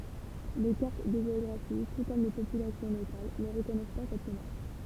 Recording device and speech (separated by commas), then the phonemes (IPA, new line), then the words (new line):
temple vibration pickup, read sentence
le kaʁt də ʒeɔɡʁafi tu kɔm le popylasjɔ̃ lokal nə ʁəkɔnɛs pa sɛt demaʁʃ
Les cartes de géographie, tout comme les populations locales, ne reconnaissent pas cette démarche.